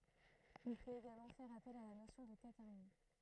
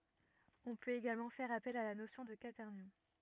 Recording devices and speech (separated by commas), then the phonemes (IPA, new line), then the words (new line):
throat microphone, rigid in-ear microphone, read sentence
ɔ̃ pøt eɡalmɑ̃ fɛʁ apɛl a la nosjɔ̃ də kwatɛʁnjɔ̃
On peut également faire appel à la notion de quaternions.